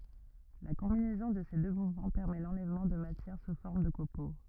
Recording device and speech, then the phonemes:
rigid in-ear microphone, read sentence
la kɔ̃binɛzɔ̃ də se dø muvmɑ̃ pɛʁmɛ lɑ̃lɛvmɑ̃ də matjɛʁ su fɔʁm də kopo

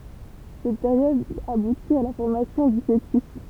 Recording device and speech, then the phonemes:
temple vibration pickup, read sentence
sɛt peʁjɔd abuti a la fɔʁmasjɔ̃ dy foətys

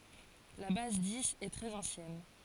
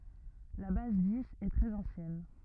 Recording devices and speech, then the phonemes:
forehead accelerometer, rigid in-ear microphone, read sentence
la baz diz ɛ tʁɛz ɑ̃sjɛn

